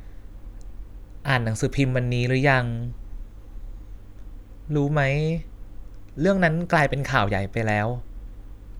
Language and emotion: Thai, neutral